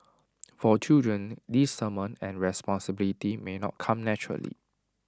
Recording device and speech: standing microphone (AKG C214), read sentence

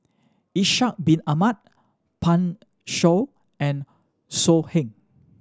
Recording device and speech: standing microphone (AKG C214), read sentence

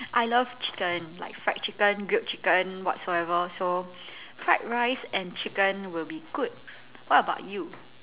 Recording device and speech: telephone, conversation in separate rooms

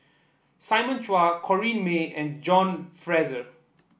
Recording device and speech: boundary microphone (BM630), read sentence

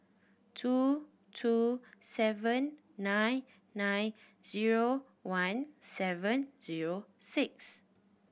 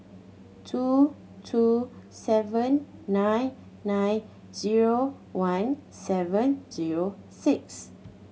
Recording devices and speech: boundary microphone (BM630), mobile phone (Samsung C7100), read sentence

